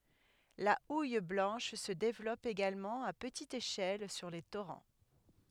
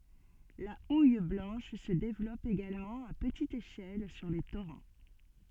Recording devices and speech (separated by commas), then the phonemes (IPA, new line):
headset microphone, soft in-ear microphone, read sentence
la uj blɑ̃ʃ sə devlɔp eɡalmɑ̃ a pətit eʃɛl syʁ le toʁɑ̃